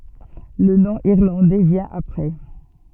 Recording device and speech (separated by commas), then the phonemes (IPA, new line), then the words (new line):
soft in-ear microphone, read sentence
lə nɔ̃ iʁlɑ̃dɛ vjɛ̃ apʁɛ
Le nom irlandais vient après.